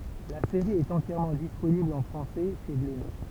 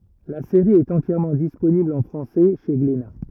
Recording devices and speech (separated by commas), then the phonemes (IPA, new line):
temple vibration pickup, rigid in-ear microphone, read sentence
la seʁi ɛt ɑ̃tjɛʁmɑ̃ disponibl ɑ̃ fʁɑ̃sɛ ʃe ɡlena